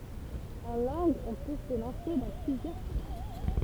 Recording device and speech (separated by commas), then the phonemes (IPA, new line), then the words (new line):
temple vibration pickup, read sentence
ɑ̃ lɑ̃ɡz ɔ̃ pø sə lɑ̃se dɑ̃ plyzjœʁ paʁkuʁ
En langues, on peut se lancer dans plusieurs parcours.